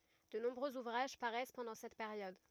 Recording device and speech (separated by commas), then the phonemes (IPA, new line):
rigid in-ear microphone, read sentence
də nɔ̃bʁøz uvʁaʒ paʁɛs pɑ̃dɑ̃ sɛt peʁjɔd